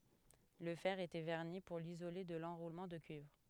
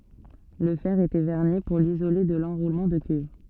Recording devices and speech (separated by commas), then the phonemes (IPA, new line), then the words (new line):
headset microphone, soft in-ear microphone, read sentence
lə fɛʁ etɛ vɛʁni puʁ lizole də lɑ̃ʁulmɑ̃ də kyivʁ
Le fer était vernis pour l'isoler de l'enroulement de cuivre.